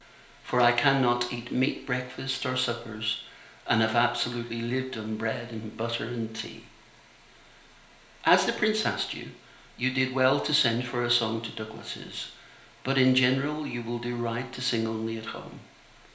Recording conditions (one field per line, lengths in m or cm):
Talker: one person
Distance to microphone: 1.0 m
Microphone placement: close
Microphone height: 1.1 m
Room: small (3.7 m by 2.7 m)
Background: none